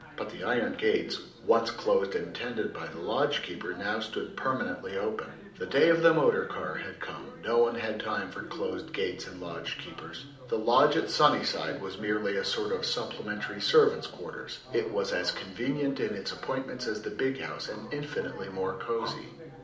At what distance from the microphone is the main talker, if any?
2.0 m.